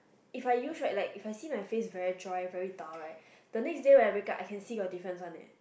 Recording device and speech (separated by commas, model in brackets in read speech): boundary microphone, conversation in the same room